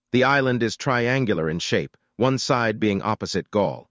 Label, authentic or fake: fake